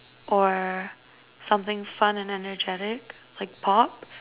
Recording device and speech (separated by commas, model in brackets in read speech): telephone, conversation in separate rooms